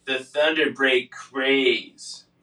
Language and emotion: English, disgusted